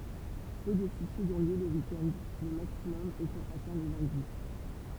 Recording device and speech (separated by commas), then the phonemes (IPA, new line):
temple vibration pickup, read sentence
pø də syisidz ɔ̃ ljø lə wik ɛnd lə maksimɔm etɑ̃ atɛ̃ lə lœ̃di